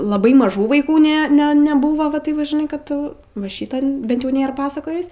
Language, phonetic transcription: Lithuanian, laˈbai maˈžų vaiˈkų ˈne ˈne neˈbūvo va ˈtaip va žiˈnai kad va ˈšytan ˈbent jau ˈnėr ˈpasakojis

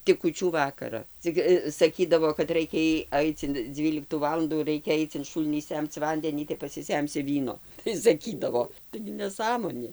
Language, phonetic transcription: Lithuanian, tik kūˈčių ˈvakara ˈcik saˈkydavo kad ˈraikia į ˈaic in ˈdzvyliktų ˈvalandų ˈraikia ˈaic in ˈšūlnį ˈsemc ˈvandenį tai pasiˈsemsi ˈvyno tai saˈkydavo taigi neˈsąmonė

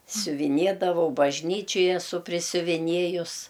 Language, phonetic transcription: Lithuanian, siuviˈniedavau bažˈnyčioj eˈsu prisiuviˈniejus

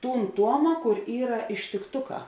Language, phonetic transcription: Lithuanian, ˈtūn ˈtuoma ˈkur ˈyra ištikˈtuˌkā

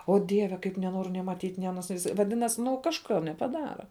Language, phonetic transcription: Lithuanian, ˈo ˈdieve kaip neˈnoriu nė maˈtyt' nė aˈnos vaˈdinas ˈnu kažˈka nepaˈdara

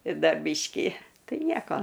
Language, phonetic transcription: Lithuanian, ˈda ˈbyškį ˈtai ˈnieko

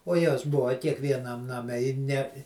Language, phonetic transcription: Lithuanian, o ˈjos ˈbuva kiekvieˈnam naˈme i ne

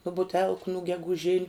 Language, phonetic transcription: Lithuanian, nu buˈtelku nu geguˈžiniu

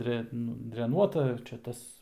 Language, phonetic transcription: Lithuanian, ˈdre ˈnu dreˈnuota ˈčia ˈtas

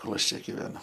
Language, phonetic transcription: Lithuanian, ˈkol ˈaš ˈčia giveˈnu

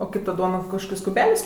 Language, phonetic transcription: Lithuanian, o ˈkaip ta ˈduona kažˈkokiais kuˈbeliais

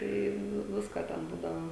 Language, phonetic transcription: Lithuanian, ˈtai ˈnu ˈvisko ten ˈbūdavo

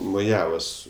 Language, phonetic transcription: Lithuanian, moˈjavos

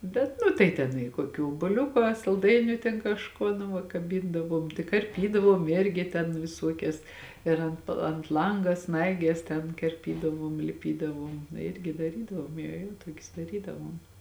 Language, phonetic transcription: Lithuanian, ˈbet nu tai ˈten i koˈkių obuoˈliuku a salˈdainiu ten kažˈkuo nu ˈva kaˈbindavuom tai karˈpydavuom ˈirgi ten viˈsuokias ir ˈant ant ˈlanga ˈsnaiges ten karˈpydavuom liˈpydavuom ˈirgi daˈrydavuom jo ˈjo ˈtuokius daˈrydavuom

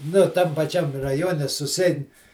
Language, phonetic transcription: Lithuanian, ˈnu ˈtam paˈčiam raˈjone susiˈein

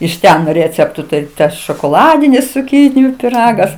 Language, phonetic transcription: Lithuanian, iš ˈten ˈrėceptu ˈtai ˈtas šokoˈladinis cuˈkyniju piˈragas

